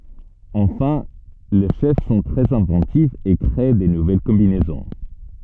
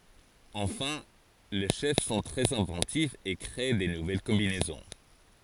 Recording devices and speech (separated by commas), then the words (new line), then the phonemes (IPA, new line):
soft in-ear microphone, forehead accelerometer, read sentence
Enfin, les chefs sont très inventifs et créent de nouvelles combinaisons.
ɑ̃fɛ̃ le ʃɛf sɔ̃ tʁɛz ɛ̃vɑ̃tifz e kʁe də nuvɛl kɔ̃binɛzɔ̃